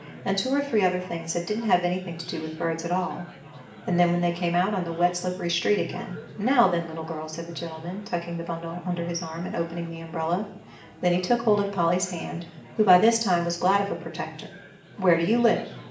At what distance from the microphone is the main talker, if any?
1.8 m.